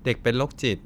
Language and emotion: Thai, neutral